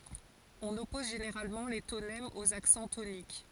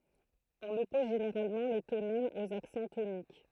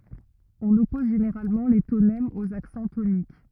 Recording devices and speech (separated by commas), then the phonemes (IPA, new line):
forehead accelerometer, throat microphone, rigid in-ear microphone, read sentence
ɔ̃n ɔpɔz ʒeneʁalmɑ̃ le tonɛmz oz aksɑ̃ tonik